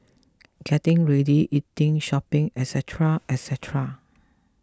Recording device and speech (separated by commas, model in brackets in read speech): close-talking microphone (WH20), read sentence